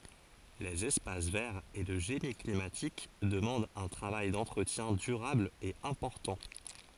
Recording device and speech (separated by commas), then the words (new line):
forehead accelerometer, read sentence
Les espaces verts et le génie climatique demandent un travail d'entretien durable et important.